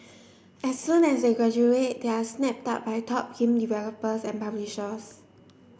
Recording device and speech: boundary microphone (BM630), read sentence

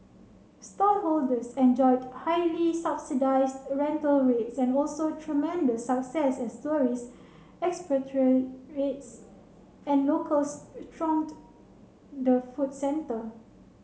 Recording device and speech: mobile phone (Samsung C7), read sentence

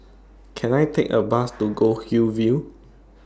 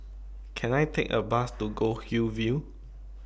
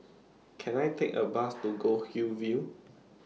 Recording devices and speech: standing microphone (AKG C214), boundary microphone (BM630), mobile phone (iPhone 6), read sentence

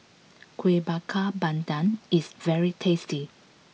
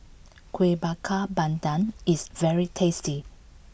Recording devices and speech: mobile phone (iPhone 6), boundary microphone (BM630), read sentence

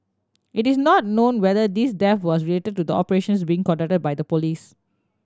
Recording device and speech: standing microphone (AKG C214), read sentence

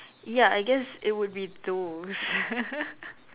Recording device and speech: telephone, conversation in separate rooms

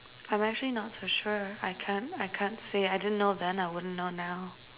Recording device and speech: telephone, conversation in separate rooms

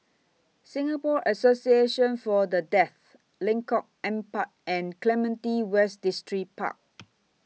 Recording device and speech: mobile phone (iPhone 6), read sentence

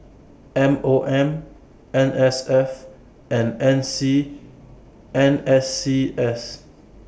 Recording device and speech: boundary microphone (BM630), read sentence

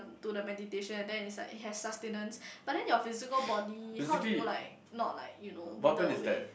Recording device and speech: boundary microphone, conversation in the same room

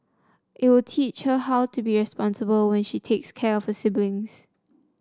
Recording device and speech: standing microphone (AKG C214), read sentence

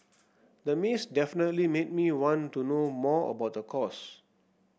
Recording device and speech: boundary microphone (BM630), read sentence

